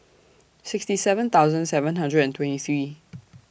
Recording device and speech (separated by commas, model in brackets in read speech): boundary microphone (BM630), read sentence